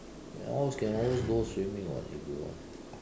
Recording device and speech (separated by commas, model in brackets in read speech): standing microphone, conversation in separate rooms